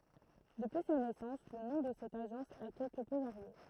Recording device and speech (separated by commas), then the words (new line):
throat microphone, read sentence
Depuis sa naissance le nom de cette agence a quelque peu varié.